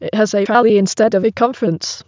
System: TTS, waveform concatenation